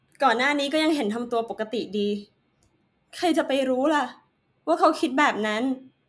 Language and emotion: Thai, sad